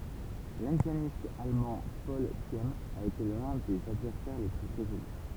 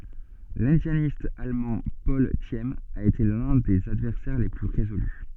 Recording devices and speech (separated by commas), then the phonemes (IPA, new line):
temple vibration pickup, soft in-ear microphone, read sentence
lɛ̃djanist almɑ̃ pɔl sim a ete lœ̃ də sez advɛʁsɛʁ le ply ʁezoly